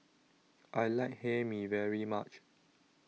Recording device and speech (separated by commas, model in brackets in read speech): mobile phone (iPhone 6), read sentence